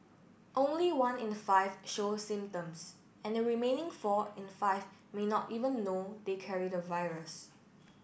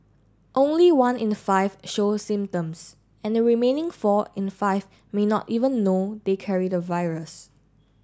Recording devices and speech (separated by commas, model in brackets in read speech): boundary microphone (BM630), standing microphone (AKG C214), read sentence